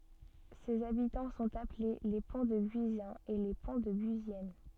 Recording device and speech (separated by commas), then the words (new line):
soft in-ear microphone, read sentence
Ses habitants sont appelés les Pontdebuisiens et les Pontdebuisiennes.